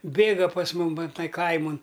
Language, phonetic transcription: Lithuanian, ˈbėga pas ˈmum ˈva ˈtai ˈkaimon

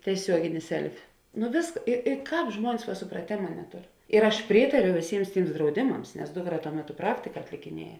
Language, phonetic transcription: Lithuanian, tieˈsiuogini ˈselfi nu vėsk i i ˈkāp ˈžmuonis va supraˈtėma neˈtur ir aš ˈprytariu vėˈsyms ˈtyms drauˈdimams nes ˈdukˌra tuo ˈmeˌtu ˈpraktika atlikiˈnieja

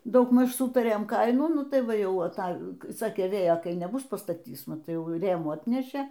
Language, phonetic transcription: Lithuanian, daugˈmaž ˈsutarėm ˈkainų ˈnu ˈtai ˈva ˈjau aˈta ˈsakė ˈvėjo ˈkai neˈbus pastaˈtys maˈtai ˈjau ˈrėmų ˈatnešė

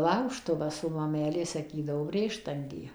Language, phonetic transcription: Lithuanian, ˈlaužtuvas o maˈmelė saˈkydavo ˈbrėštangė

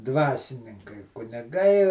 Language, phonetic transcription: Lithuanian, ˈdvasininkai kuniˈgai

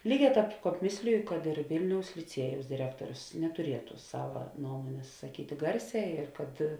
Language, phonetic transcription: Lithuanian, ˈlyˌgē ˈtāp ˈkāp ˈmėsliju kad ir ˈvilniaus liˈciejaus diˈrektorius netuˈrietu ˈsava ˈnuomonės saˈkyti ˈgarˌsē ir kad

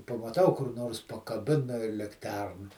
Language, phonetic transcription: Lithuanian, pamaˈtau kur ˈnors pakaˈbina i likˈterna

